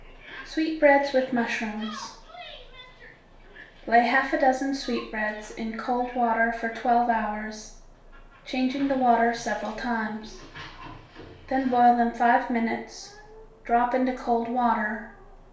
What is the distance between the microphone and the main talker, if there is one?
1.0 m.